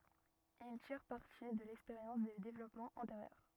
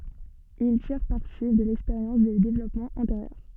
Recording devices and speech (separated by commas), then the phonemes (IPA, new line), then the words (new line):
rigid in-ear microphone, soft in-ear microphone, read sentence
il tiʁ paʁti də lɛkspeʁjɑ̃s de devlɔpmɑ̃z ɑ̃teʁjœʁ
Ils tirent parti de l'expérience des développements antérieurs.